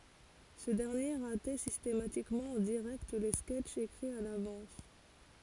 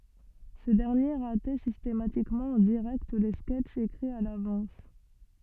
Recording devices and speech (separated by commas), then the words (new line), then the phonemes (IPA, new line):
forehead accelerometer, soft in-ear microphone, read sentence
Ce dernier ratait systématiquement en direct les sketches écrits à l'avance.
sə dɛʁnje ʁatɛ sistematikmɑ̃ ɑ̃ diʁɛkt le skɛtʃz ekʁiz a lavɑ̃s